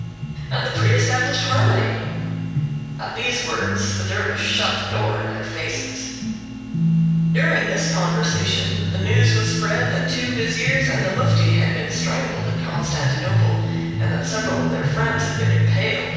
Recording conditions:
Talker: one person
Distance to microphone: 7.1 m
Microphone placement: far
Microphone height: 1.7 m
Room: very reverberant, large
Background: music

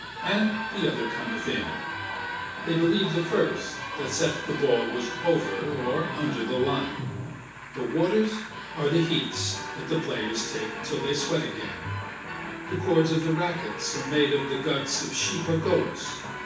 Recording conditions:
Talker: one person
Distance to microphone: 9.8 m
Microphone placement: far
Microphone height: 1.8 m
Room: large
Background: television

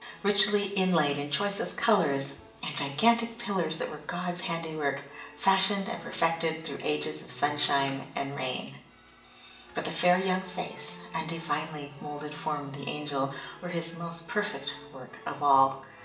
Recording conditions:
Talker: one person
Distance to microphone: 1.8 m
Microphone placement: close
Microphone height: 1.0 m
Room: large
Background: music

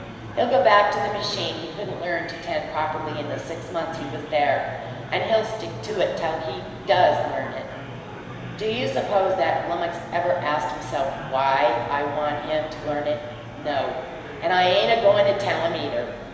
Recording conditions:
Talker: one person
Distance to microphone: 1.7 m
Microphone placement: close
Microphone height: 1.0 m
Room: very reverberant, large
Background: babble

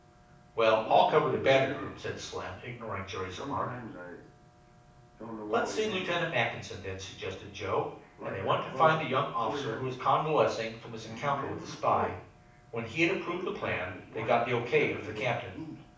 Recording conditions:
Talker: one person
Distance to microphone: 5.8 m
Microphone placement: far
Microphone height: 1.8 m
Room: medium-sized (5.7 m by 4.0 m)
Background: television

